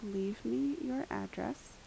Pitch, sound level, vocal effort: 205 Hz, 75 dB SPL, soft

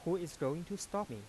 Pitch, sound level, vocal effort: 170 Hz, 89 dB SPL, soft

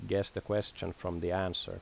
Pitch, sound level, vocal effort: 95 Hz, 81 dB SPL, normal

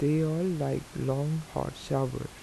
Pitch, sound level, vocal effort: 145 Hz, 80 dB SPL, soft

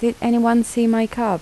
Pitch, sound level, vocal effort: 235 Hz, 79 dB SPL, soft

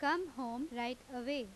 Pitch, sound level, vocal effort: 255 Hz, 88 dB SPL, loud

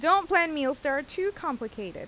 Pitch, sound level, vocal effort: 300 Hz, 91 dB SPL, loud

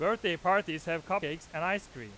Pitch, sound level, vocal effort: 170 Hz, 99 dB SPL, very loud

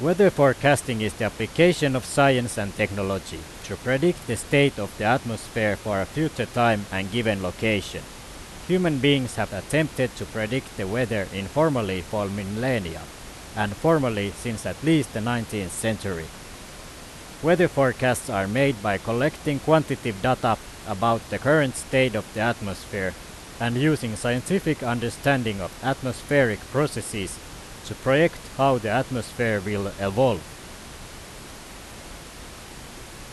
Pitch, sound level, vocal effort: 115 Hz, 90 dB SPL, very loud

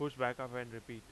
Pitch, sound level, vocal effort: 125 Hz, 91 dB SPL, loud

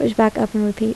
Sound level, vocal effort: 76 dB SPL, soft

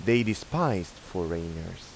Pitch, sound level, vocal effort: 90 Hz, 86 dB SPL, normal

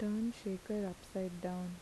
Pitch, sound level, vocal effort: 190 Hz, 77 dB SPL, soft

